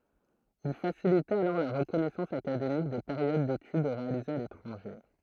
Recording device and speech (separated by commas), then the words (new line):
throat microphone, read sentence
Il facilitait alors la reconnaissance académique des périodes d'études réalisées à l'étranger.